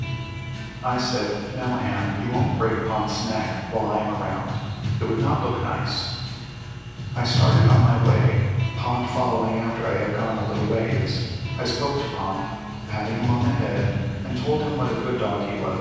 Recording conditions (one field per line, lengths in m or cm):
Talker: one person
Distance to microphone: 7.1 m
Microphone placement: far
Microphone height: 1.7 m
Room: very reverberant, large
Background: music